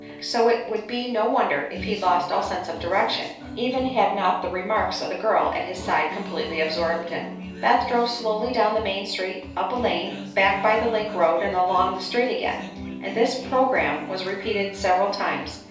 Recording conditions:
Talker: one person; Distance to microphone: 3.0 m; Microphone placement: far; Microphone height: 1.8 m; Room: small (3.7 m by 2.7 m); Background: music

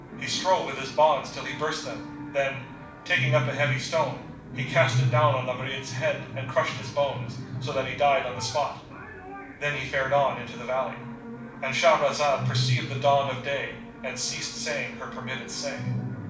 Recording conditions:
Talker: one person; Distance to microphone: 5.8 m; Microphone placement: far; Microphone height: 1.8 m; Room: medium-sized (5.7 m by 4.0 m); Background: television

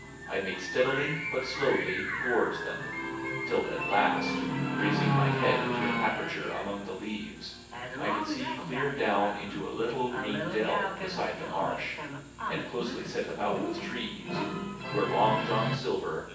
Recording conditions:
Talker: one person; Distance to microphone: 9.8 m; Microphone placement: far; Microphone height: 1.8 m; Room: large; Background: television

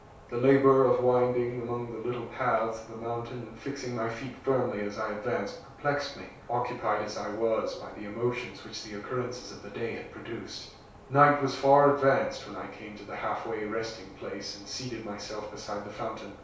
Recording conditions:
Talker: one person; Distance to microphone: 3.0 m; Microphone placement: far; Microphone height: 1.8 m; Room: small (3.7 m by 2.7 m); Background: none

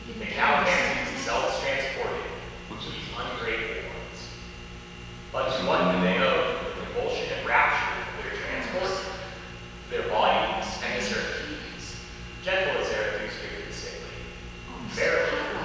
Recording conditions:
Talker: one person; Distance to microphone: 7.1 m; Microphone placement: far; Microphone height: 1.7 m; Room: very reverberant, large; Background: television

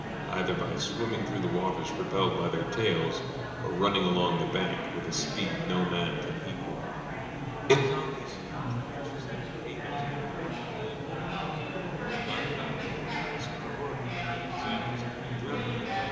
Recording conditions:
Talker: one person; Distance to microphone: 1.7 m; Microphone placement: close; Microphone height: 1.0 m; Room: very reverberant, large; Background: babble

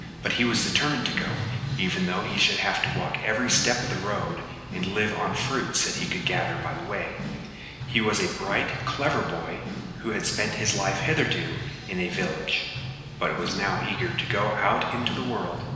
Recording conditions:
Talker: one person; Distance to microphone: 1.7 m; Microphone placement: close; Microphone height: 1.0 m; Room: very reverberant, large; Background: music

